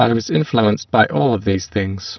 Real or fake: fake